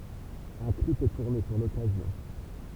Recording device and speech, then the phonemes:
temple vibration pickup, read sentence
œ̃ klip ɛ tuʁne puʁ lɔkazjɔ̃

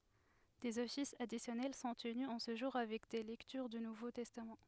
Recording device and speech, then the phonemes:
headset microphone, read sentence
dez ɔfisz adisjɔnɛl sɔ̃ təny ɑ̃ sə ʒuʁ avɛk de lɛktyʁ dy nuvo tɛstam

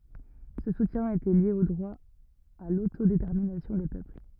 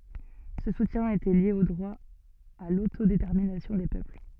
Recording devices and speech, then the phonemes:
rigid in-ear microphone, soft in-ear microphone, read sentence
sə sutjɛ̃ etɛ lje o dʁwa a lotodetɛʁminasjɔ̃ de pøpl

